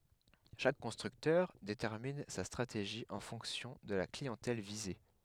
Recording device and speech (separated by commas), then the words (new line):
headset microphone, read sentence
Chaque constructeur détermine sa stratégie en fonction de la clientèle visée.